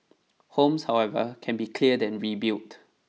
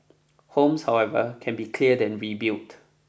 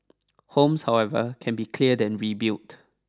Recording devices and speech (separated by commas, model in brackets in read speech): mobile phone (iPhone 6), boundary microphone (BM630), standing microphone (AKG C214), read sentence